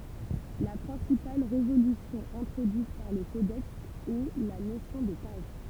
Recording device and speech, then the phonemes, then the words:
temple vibration pickup, read sentence
la pʁɛ̃sipal ʁevolysjɔ̃ ɛ̃tʁodyit paʁ lə kodɛks ɛ la nosjɔ̃ də paʒ
La principale révolution introduite par le codex est la notion de page.

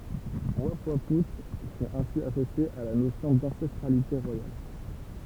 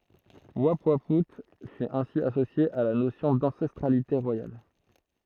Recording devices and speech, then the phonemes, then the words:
temple vibration pickup, throat microphone, read sentence
upwau fy ɛ̃si asosje a la nosjɔ̃ dɑ̃sɛstʁalite ʁwajal
Oupouaout fut ainsi associé à la notion d'ancestralité royale.

